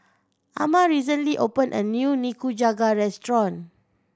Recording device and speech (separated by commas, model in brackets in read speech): standing microphone (AKG C214), read sentence